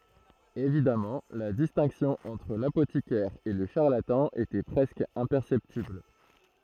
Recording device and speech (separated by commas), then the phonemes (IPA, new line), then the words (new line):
throat microphone, read sentence
evidamɑ̃ la distɛ̃ksjɔ̃ ɑ̃tʁ lapotikɛʁ e lə ʃaʁlatɑ̃ etɛ pʁɛskə ɛ̃pɛʁsɛptibl
Évidemment, la distinction entre l'apothicaire et le charlatan était presque imperceptible.